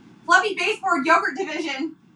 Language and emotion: English, happy